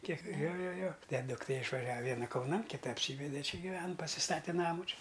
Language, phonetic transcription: Lithuanian, ˈkiek ˈjo ˈjo ˈjo ˈten dukˈtė išvaˈžiav i ˈviena kauˈnan kiˈta apˈsyvede ˈči giˈven pasiˈstate ˈnamu ˈči

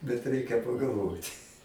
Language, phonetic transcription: Lithuanian, bet ˈreikia pagalˈvot'

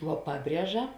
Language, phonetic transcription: Lithuanian, vuo ˈpaˌbrieža

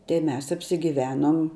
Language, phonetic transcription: Lithuanian, tai ˈmes apsigiˈvenom

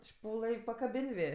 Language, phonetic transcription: Lithuanian, ˈšpūlɘ i pakaˈbin' ˈvė

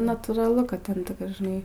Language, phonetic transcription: Lithuanian, nu natūraˈlu ka ˈten žiˈnai

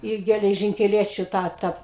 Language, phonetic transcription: Lithuanian, ˈi geležinkeˈliečiu ˈtą ˈta

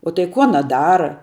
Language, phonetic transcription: Lithuanian, o tai ˈku aˈna ˈdara

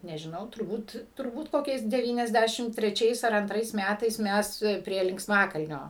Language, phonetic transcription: Lithuanian, nežiˈnau turˈbūt turˈbūt ˈkokiais deˈvyniasˌdæšim treˈčiais ar anˈtrais ˈmætais ˈmes prie linksˈmakalnio

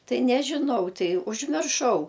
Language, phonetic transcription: Lithuanian, ˈtai nežiˈnau ˈtai užmirˈšau

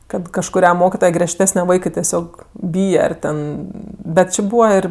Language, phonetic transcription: Lithuanian, ˈkad kažkuˈria ˈmokitoje griežˈtesne ˈvaikɜ teˈsiog ˈbyje ar ˈten bet ˈči ˈbūva ˈir

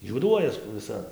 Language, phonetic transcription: Lithuanian, juoˈduojas viˈsa

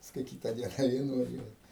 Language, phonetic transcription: Lithuanian, pasˈkui ˈkyta ˈdiena ˈvė nuvaˈžiuoji

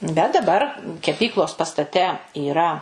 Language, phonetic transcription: Lithuanian, bet daˈbar keˈpyklos pastaˈte yˈra

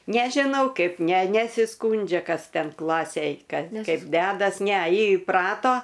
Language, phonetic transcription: Lithuanian, nežiˈnau ˈkaip ˈne nesiˈskūndžia ˈkas ˈten ˈklasėj ˈkad ˈkaip ˈdedas ne ˈji iˈprato

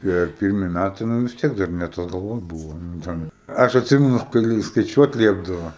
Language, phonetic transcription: Lithuanian, tie ˈpirmi ˈmætai nu vis ˈtiek dar ne ˈtas galˈvon ˈbūvo nu ˈten ˈaš atˈsimenu kai skaiˈčiuot ˈliepdavo

